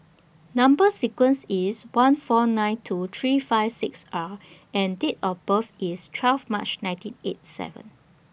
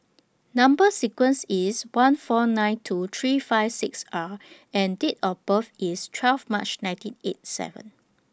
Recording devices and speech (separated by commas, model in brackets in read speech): boundary microphone (BM630), standing microphone (AKG C214), read sentence